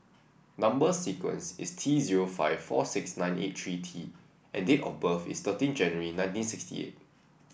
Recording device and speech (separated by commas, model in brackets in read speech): boundary microphone (BM630), read sentence